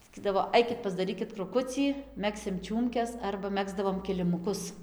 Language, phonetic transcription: Lithuanian, saˈkydavo ˈaikit pasdaˈrykit kruˈkucį ˈmegsim ˈčiūmkes ˈarba ˈmegzdavom kilimuˈkus

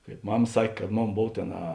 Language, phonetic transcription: Lithuanian, kaip ˈmam ˈsak' kad ˈmon ˈbov ˈtėn a

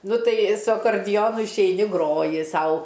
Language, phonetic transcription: Lithuanian, ˈnu ˈtai su akorˈdijonu išeiˈni ˈgroji ˈsau

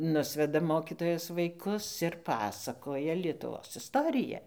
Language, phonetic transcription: Lithuanian, ˈnusveda ˈmokytojas vaiˈkus ir ˈpasakoja lietuˈvos isˈtorija

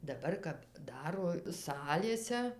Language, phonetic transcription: Lithuanian, daˈbar kap ˈdaro ˈsalėse

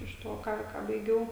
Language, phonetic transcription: Lithuanian, iš ˈto ˈką ką baiˈgiau

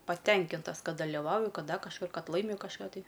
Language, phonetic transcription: Lithuanian, paˈtenkintas ˈkad daliˈvauju ˈkad ˈda kažˈkur ˈkad ˈlaimiu kažˈką tai

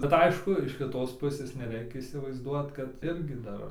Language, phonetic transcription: Lithuanian, bet ˈaišku iš kiˈtos ˈpusės neˈreikia įsivaizˈduot kad ˈirgi ˈdar

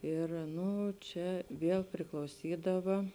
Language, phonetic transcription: Lithuanian, ˈir ˈnu ˈčia ˈviel priklauˈsydava

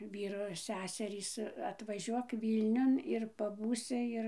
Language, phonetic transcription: Lithuanian, ˈvyro ˈseserys atvaˈžiuok ˈvylniun ir paˈbūsi ˈir

